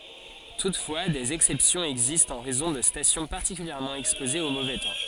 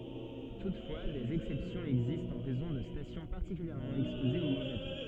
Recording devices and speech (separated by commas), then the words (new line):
forehead accelerometer, soft in-ear microphone, read sentence
Toutefois, des exceptions existent en raison de stations particulièrement exposées au mauvais temps.